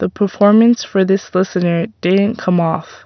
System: none